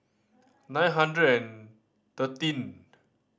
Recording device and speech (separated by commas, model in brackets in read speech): standing microphone (AKG C214), read sentence